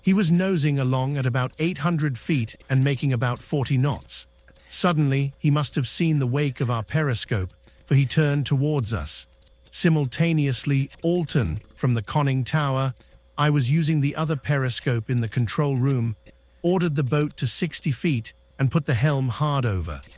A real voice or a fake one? fake